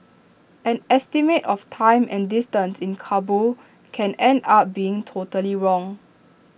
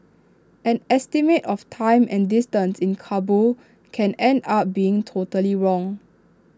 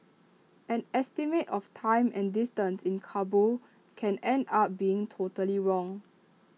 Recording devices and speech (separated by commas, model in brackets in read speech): boundary microphone (BM630), standing microphone (AKG C214), mobile phone (iPhone 6), read sentence